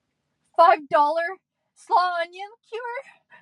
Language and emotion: English, fearful